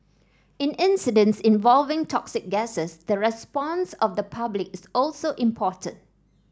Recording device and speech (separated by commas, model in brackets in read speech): standing microphone (AKG C214), read sentence